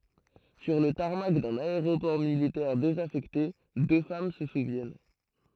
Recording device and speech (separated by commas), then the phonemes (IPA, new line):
throat microphone, read sentence
syʁ lə taʁmak dœ̃n aeʁopɔʁ militɛʁ dezafɛkte dø fam sə suvjɛn